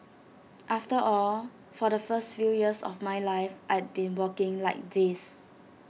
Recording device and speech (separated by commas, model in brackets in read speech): mobile phone (iPhone 6), read sentence